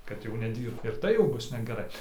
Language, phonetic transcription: Lithuanian, kad jau neˈdyrbt ir ˈtai jau ˈbus negeˈrai

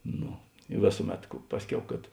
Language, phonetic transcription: Lithuanian, ˈno i ˈvėsuˌmet ku ˈpasˌkiau kad

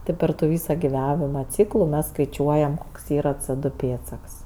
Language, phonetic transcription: Lithuanian, ˈtɜ par tu ˈvysa giˈvavima ˈcyklu mes skaiˈčiuojam ˈkoks ˈyra cɜ ˈdu ˈpėdsaks

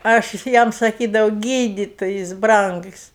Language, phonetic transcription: Lithuanian, aš ˈjam saˈkydavau ˈgyditojis ˈbrangs

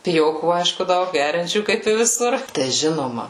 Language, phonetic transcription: Lithuanian, piˈjokų ˈaišku ˈdaug ˈgeriančių kaip i viˈsur tai ˈžinoma

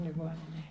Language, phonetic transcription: Lithuanian, liˈgoninėj

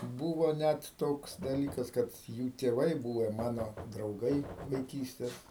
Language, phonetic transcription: Lithuanian, ˈbūvo ˈnæt ˈtoks daˈlykas kad ˈjų tėˈvai ˈbūve ˈmano drauˈgai vaiˈkystes

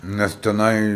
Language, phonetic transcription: Lithuanian, ˈnes teˈnai

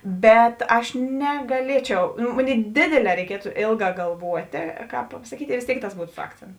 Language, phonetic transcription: Lithuanian, ˈbet ˈaš negaˈliečiau nu ˈmoˌnėi ˈdėdėˌlē reiˈkietu ˈėlˌgā galˈvuotė ˈkāp pasaˈkyti i vės ˈtėik tas ˈbūtu su ˈakcentu

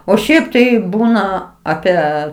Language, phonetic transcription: Lithuanian, o ˈšiaip tai ˈbūna ˈapie

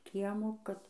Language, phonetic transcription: Lithuanian, ˈkiemo kad

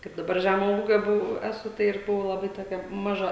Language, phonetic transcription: Lithuanian, kaip daˈbar ˈžæmo ˈūgio ˈbuvau ˈesu ˈtai ir ˈbuvau laˈbai toˈkia maˈža

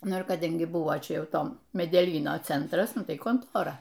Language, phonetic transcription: Lithuanian, ˈnu ir kaˈdangi ˈbuvo ˈčia ˈjau ˈto medeˈlyno ˈcentras ˈnu ˈtai konˈtora

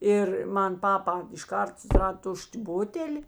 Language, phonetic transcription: Lithuanian, ˈir ˈman ˈpapa išˈkart susiˈrad ˈtuš't' ˈbuteli

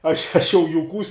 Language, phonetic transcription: Lithuanian, aš aš jau juˈkūs

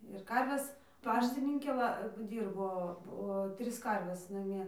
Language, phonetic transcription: Lithuanian, ir ˈkarves ˈpaštininkė ˈva ˈdyrbo po ˈtris ˈkarves naˈmie

